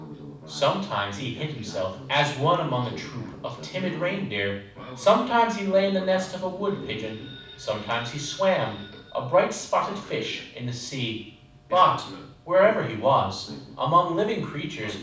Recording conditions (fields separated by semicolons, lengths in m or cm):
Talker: one person; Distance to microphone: 5.8 m; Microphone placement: far; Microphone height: 1.8 m; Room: medium-sized (5.7 m by 4.0 m); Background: television